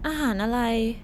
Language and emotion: Thai, frustrated